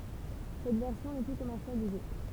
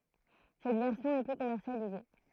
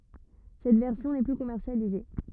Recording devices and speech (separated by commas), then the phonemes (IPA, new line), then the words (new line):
temple vibration pickup, throat microphone, rigid in-ear microphone, read sentence
sɛt vɛʁsjɔ̃ nɛ ply kɔmɛʁsjalize
Cette version n'est plus commercialisée.